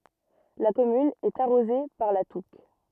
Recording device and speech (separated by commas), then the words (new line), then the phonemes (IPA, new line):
rigid in-ear microphone, read sentence
La commune est arrosée par la Touques.
la kɔmyn ɛt aʁoze paʁ la tuk